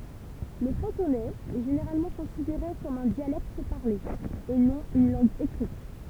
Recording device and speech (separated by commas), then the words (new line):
temple vibration pickup, read sentence
Le cantonais est généralement considéré comme un dialecte parlé, et non une langue écrite.